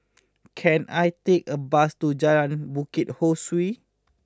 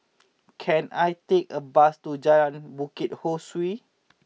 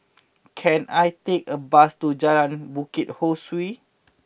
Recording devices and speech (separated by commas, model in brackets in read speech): close-talking microphone (WH20), mobile phone (iPhone 6), boundary microphone (BM630), read sentence